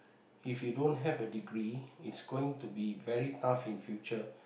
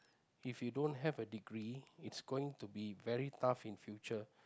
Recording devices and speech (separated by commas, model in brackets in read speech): boundary microphone, close-talking microphone, conversation in the same room